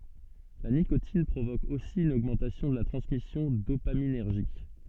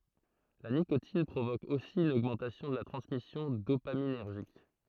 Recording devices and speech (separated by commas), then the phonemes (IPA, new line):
soft in-ear microphone, throat microphone, read sentence
la nikotin pʁovok osi yn oɡmɑ̃tasjɔ̃ də la tʁɑ̃smisjɔ̃ dopaminɛʁʒik